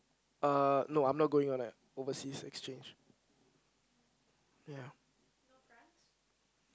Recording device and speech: close-talking microphone, conversation in the same room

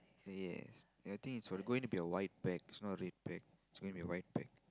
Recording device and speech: close-talking microphone, conversation in the same room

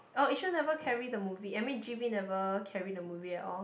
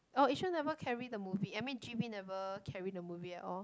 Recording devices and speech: boundary microphone, close-talking microphone, conversation in the same room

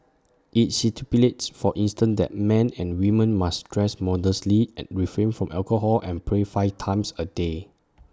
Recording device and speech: standing microphone (AKG C214), read sentence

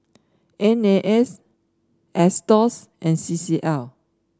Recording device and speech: standing microphone (AKG C214), read sentence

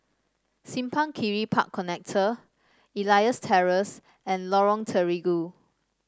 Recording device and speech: standing microphone (AKG C214), read sentence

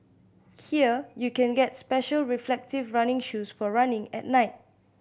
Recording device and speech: boundary microphone (BM630), read sentence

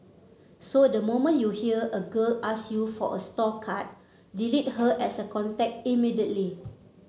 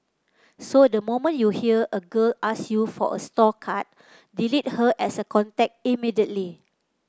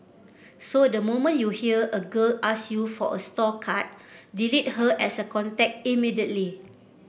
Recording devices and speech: mobile phone (Samsung C7), close-talking microphone (WH30), boundary microphone (BM630), read sentence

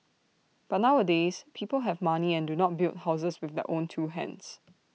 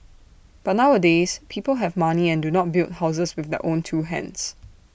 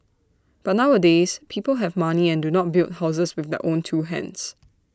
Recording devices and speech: mobile phone (iPhone 6), boundary microphone (BM630), standing microphone (AKG C214), read sentence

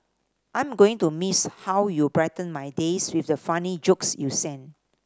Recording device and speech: standing microphone (AKG C214), read sentence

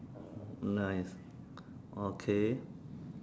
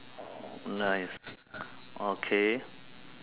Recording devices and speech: standing microphone, telephone, conversation in separate rooms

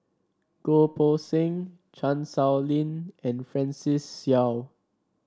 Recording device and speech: standing microphone (AKG C214), read sentence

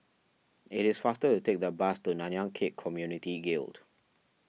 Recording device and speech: mobile phone (iPhone 6), read sentence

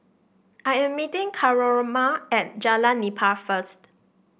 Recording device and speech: boundary microphone (BM630), read sentence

